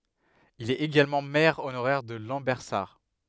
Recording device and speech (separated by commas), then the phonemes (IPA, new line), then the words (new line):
headset microphone, read sentence
il ɛt eɡalmɑ̃ mɛʁ onoʁɛʁ də lɑ̃bɛʁsaʁ
Il est également maire honoraire de Lambersart.